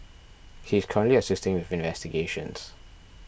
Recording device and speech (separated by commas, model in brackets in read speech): boundary microphone (BM630), read sentence